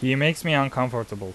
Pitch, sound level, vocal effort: 130 Hz, 88 dB SPL, loud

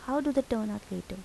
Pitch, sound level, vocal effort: 220 Hz, 77 dB SPL, soft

